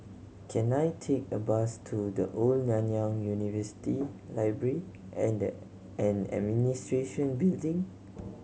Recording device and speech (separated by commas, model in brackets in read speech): mobile phone (Samsung C7100), read sentence